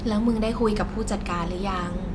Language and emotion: Thai, neutral